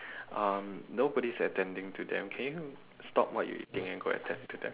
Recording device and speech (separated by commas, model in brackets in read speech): telephone, conversation in separate rooms